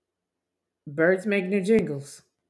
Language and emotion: English, disgusted